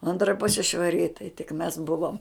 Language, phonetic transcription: Lithuanian, ˈantra ˈpusi švaˈri i tai tik mes ˈbuvom

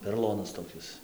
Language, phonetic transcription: Lithuanian, peroˈlonas toˈkis

